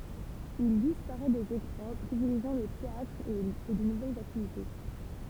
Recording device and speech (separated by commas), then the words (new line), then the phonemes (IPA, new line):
temple vibration pickup, read sentence
Il disparaît des écrans, privilégiant le théâtre et de nouvelles activités.
il dispaʁɛ dez ekʁɑ̃ pʁivileʒjɑ̃ lə teatʁ e də nuvɛlz aktivite